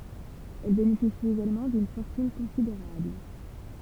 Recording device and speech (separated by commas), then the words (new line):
temple vibration pickup, read sentence
Elle bénéficie également d'une fortune considérable.